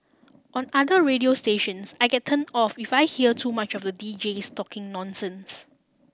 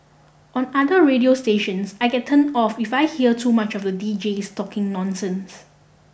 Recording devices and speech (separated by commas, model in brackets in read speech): standing microphone (AKG C214), boundary microphone (BM630), read sentence